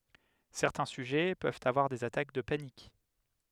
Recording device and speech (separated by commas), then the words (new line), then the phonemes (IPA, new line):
headset microphone, read sentence
Certains sujets peuvent avoir des attaques de panique.
sɛʁtɛ̃ syʒɛ pøvt avwaʁ dez atak də panik